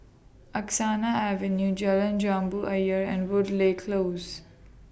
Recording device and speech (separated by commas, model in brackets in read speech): boundary microphone (BM630), read sentence